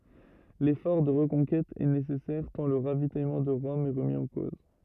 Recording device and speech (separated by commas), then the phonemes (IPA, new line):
rigid in-ear microphone, read sentence
lefɔʁ də ʁəkɔ̃kɛt ɛ nesɛsɛʁ tɑ̃ lə ʁavitajmɑ̃ də ʁɔm ɛ ʁəmi ɑ̃ koz